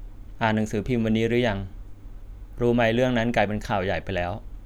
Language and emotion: Thai, neutral